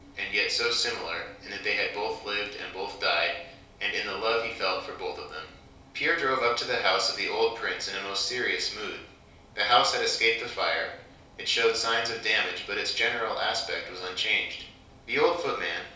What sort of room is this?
A compact room (about 3.7 m by 2.7 m).